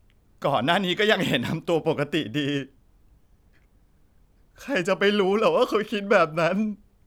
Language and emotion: Thai, sad